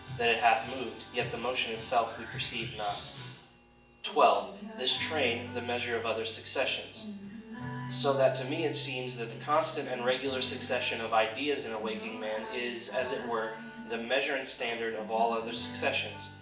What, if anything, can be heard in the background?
Music.